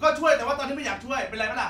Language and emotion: Thai, angry